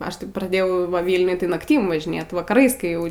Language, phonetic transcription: Lithuanian, ˈaš ˈtai praˈdėjau ˈva ˈvylniuj tai nakˈtym važiˈnėt vakaˈrais ėjˈau

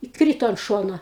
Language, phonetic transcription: Lithuanian, i ˈkryto ant ˈšono

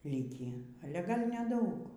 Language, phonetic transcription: Lithuanian, ˈlykį ˈale ˈgal' neˈdaug

